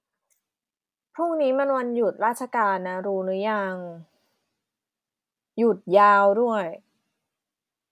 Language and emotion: Thai, frustrated